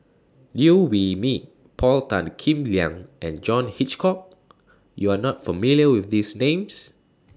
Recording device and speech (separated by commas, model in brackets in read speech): standing microphone (AKG C214), read sentence